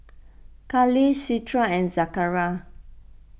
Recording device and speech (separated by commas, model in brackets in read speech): boundary microphone (BM630), read sentence